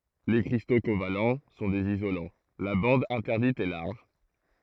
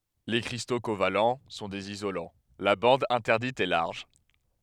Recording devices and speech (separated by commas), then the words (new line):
throat microphone, headset microphone, read sentence
Les cristaux covalents sont des isolants, la bande interdite est large.